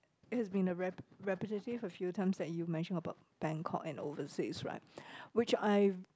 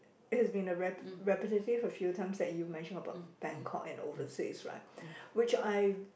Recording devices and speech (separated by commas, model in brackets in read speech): close-talking microphone, boundary microphone, conversation in the same room